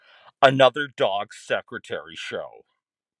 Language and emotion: English, angry